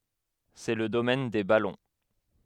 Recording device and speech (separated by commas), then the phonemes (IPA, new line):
headset microphone, read sentence
sɛ lə domɛn de balɔ̃